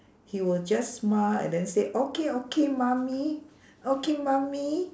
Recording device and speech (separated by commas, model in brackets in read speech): standing microphone, conversation in separate rooms